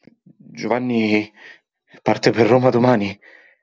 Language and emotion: Italian, fearful